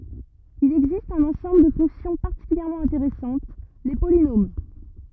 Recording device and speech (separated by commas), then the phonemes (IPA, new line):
rigid in-ear microphone, read sentence
il ɛɡzist œ̃n ɑ̃sɑ̃bl də fɔ̃ksjɔ̃ paʁtikyljɛʁmɑ̃ ɛ̃teʁɛsɑ̃t le polinom